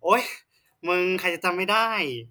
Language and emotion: Thai, frustrated